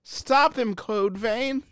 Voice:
pitiful voice